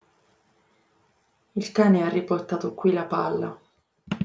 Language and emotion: Italian, sad